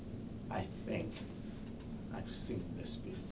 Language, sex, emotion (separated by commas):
English, male, fearful